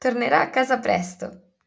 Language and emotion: Italian, happy